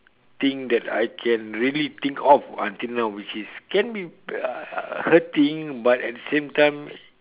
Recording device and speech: telephone, conversation in separate rooms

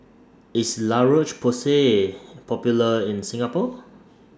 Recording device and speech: standing microphone (AKG C214), read sentence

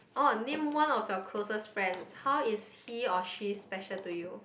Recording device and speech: boundary microphone, conversation in the same room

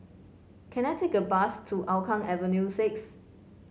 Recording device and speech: mobile phone (Samsung C5), read sentence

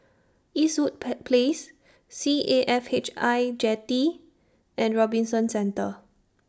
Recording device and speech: standing microphone (AKG C214), read sentence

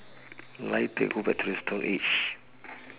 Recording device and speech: telephone, conversation in separate rooms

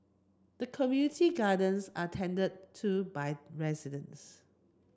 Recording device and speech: close-talking microphone (WH30), read sentence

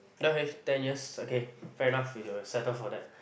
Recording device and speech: boundary microphone, conversation in the same room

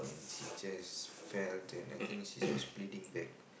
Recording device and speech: boundary microphone, conversation in the same room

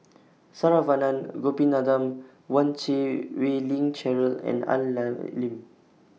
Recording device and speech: mobile phone (iPhone 6), read sentence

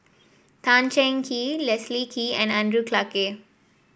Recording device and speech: boundary microphone (BM630), read sentence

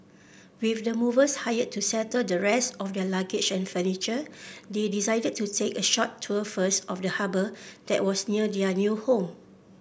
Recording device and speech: boundary microphone (BM630), read sentence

